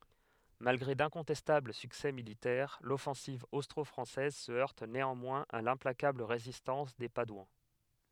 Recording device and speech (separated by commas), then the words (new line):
headset microphone, read sentence
Malgré d'incontestables succès militaires, l'offensive austro-française se heurte néanmoins à l'implacable résistance des Padouans.